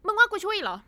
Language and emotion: Thai, angry